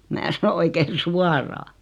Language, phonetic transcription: Finnish, 'mää sano 'oikein̬ "suaraa .
- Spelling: minä sanoin oikein suoraan

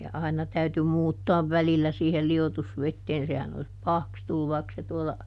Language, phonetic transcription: Finnish, ja ˈaina täyty ˈmuuttɔav "välillä siihel ˈli₍otusvetteen sehän ‿o(l)is "pahaks tulluv vaik(ka) se ˈtuolla ,.
- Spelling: ja aina täytyi muuttaa välillä siihen liotusveteen sehän olisi pahaksi tullut vaikka se tuolla

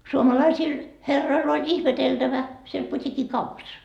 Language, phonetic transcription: Finnish, suomalaisil , 'herroil ‿oĺ 'ihmeteltävä , siel 'put́ikki'kaupas .
- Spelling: suomalaisilla herroilla oli ihmeteltävä siellä putiikkikaupassa

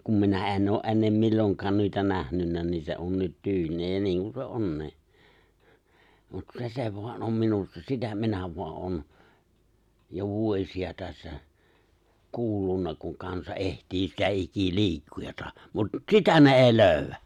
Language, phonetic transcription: Finnish, kum 'minä ’e̬n oo’ '’e̬nnem 'milloŋkaan nuita 'nähnynnä ni se 'on nyt 'tyylina ja 'niiŋkun se 'onni̬i̬ , mut 'se se voan om 'minussa 'sitä minä voa’ '’on , jo 'vuos̀i₍a tässä , 'kuullunna kuŋ 'kansa '’ehtii sitä 'iki"li̬ikkujatᴀ , mut "sitä ne 'èi "lööʸwwä !
- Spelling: kun minä en ole ennen milloinkaan noita nähnyt niin se on nyt tyylinä ja niin kuin se onkin mutta se se vain on minussa sitä minä vain olen jo vuosia tässä kuullut kun kansa etsii sitä ikiliikkujaa mutta sitä ne ei löydä

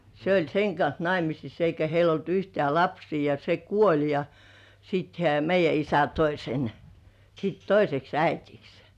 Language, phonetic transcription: Finnish, se ‿oĺ 'seŋ kans "naimisis eikä heil ‿olt 'yhtĕä̀ "lapsii ja se "kuoĺ ja , siit hĕä̀ 'meij§jä isä 'toi sen , sit "toiseks 'äitiks .
- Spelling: se oli sen kanssa naimisissa eikä heillä ollut yhtään lapsia ja se kuoli ja sitten hän meidän isä toi sen sitten toiseksi äidiksi

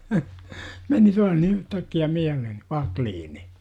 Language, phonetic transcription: Finnish, 'meni tuah ni yhtäkki₍ä 'miälehen̬ , "Vakliini .
- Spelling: meni taas niin yhtäkkiä mieleen Wacklin

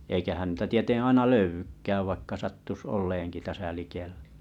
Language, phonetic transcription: Finnish, eikähän ⁿⁱtä 'tietè 'aina "löyvykkääv vaikka 'sattus 'ol̆leeŋkl täsä likeʟʟᴀ̈ .
- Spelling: eikähän niitä tieten aina löydykään vaikka sattuisi olemaankin tässä likellä

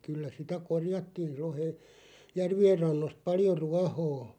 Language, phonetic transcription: Finnish, 'kyllä 'sitä "korjattiiʳ rohe- , "järvi₍er 'rannost 'paljo "ruahoo .
- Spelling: kyllä sitä korjattiin - järvien rannoista paljon ruohoa

